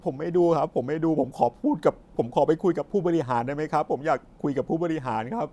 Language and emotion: Thai, sad